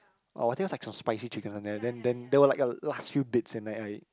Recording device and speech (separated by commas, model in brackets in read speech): close-talking microphone, conversation in the same room